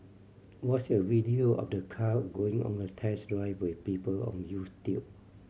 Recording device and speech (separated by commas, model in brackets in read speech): mobile phone (Samsung C7100), read sentence